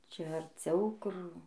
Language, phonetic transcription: Lithuanian, ˈčia arˈciau ˈkur

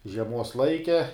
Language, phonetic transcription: Lithuanian, žieˈmuos ˈlaike

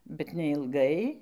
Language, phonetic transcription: Lithuanian, bet neilˈgai

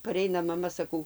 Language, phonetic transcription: Lithuanian, paˈreina maˈma saˈkau

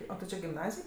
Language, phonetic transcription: Lithuanian, ˈo ti ˈči gimˈnazij

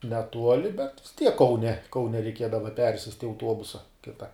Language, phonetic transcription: Lithuanian, neˈtuoli bet vis tiek kauˈne kauˈne reiˈkiedava ˈpersist' i auˈtuobusa ˈkita

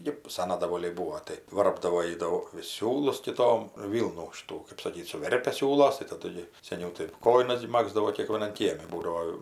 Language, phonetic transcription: Lithuanian, ˈji ˈsana daˈvoliai ˈbūo tai ˈvarpdavo ˈjy ˈdaug vis ˈsiūlus kiˈtom ˈvylnų ˈšitų kɜp saˈkyt suˈverpia ˈsiūlos tai taˈdu gi seˈniau tai ˈkojinas gi ˈmagzdavo kėkvieˈnan ˈkiemi ˈbūdao

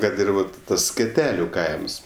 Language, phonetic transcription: Lithuanian, ˈkad ir ˈvat ˈtas skeˈteliu ˈkaims

